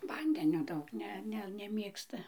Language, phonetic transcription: Lithuanian, ˈvandenio ˈdaug ˈne ˈne neˈmėgsta

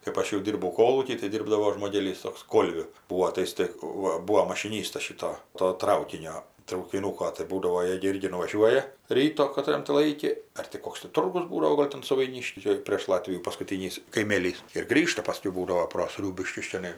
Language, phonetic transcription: Lithuanian, kɜpˈaš jau ˈdyrbau ˈkolūky tai ˈdirbdavo žmoˈgėlys ˈtoks ˈkolviu ˈbūo tai ˈjis tai ˈva ˈbūo mašiˈnystas ˈšito to ˈtraukinio traukiˈnūko tai ˈbūdavo ˈjė gi ˈirgi nuvaˈžiuoja ˈryto kaˈtran ti ˈlaiki ar ti ˈkoks ti ˈturgus ˈbūdavo ˈgol' tam suvaiˈnišky ˈčia prėš ˈlatvijų paskuˈtynys kaiˈmėlys ir ˈgrįžta paˈskiau ˈbūdavo pro ˈsriūbiškius čiaˈnai

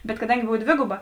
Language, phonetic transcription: Lithuanian, bet kaˈdangi ˈbov ˈdvėguba

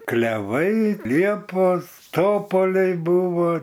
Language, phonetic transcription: Lithuanian, kleˈvai ˈliepos ˈtopoliai ˈbūvo

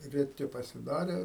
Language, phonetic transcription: Lithuanian, reˈti pasiˈdarė

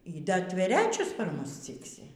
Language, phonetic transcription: Lithuanian, y ˈda tveˈrečius par ˈmus ˈciksi

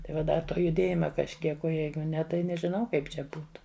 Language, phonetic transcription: Lithuanian, tai ˈva ˈda ˈto juˈdėjima kažˈkiek o ˈjeigu ˈne tai nežiˈnau ˈkaip čia ˈbūtu

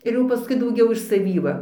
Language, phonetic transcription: Lithuanian, ir ˈjau paˈskui dauˈgiau iš saˈvį ˈva

